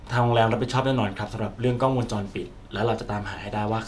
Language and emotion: Thai, neutral